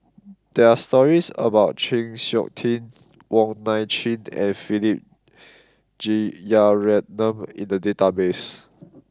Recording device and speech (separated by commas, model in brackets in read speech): close-talking microphone (WH20), read sentence